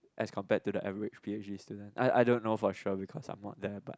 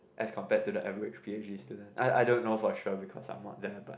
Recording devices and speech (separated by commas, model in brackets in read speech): close-talking microphone, boundary microphone, conversation in the same room